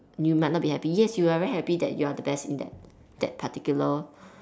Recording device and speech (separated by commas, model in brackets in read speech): standing microphone, conversation in separate rooms